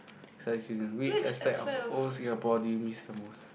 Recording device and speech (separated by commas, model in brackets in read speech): boundary microphone, conversation in the same room